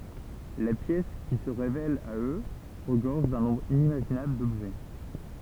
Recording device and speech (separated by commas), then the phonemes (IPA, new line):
temple vibration pickup, read sentence
la pjɛs ki sə ʁevɛl a ø ʁəɡɔʁʒ dœ̃ nɔ̃bʁ inimaʒinabl dɔbʒɛ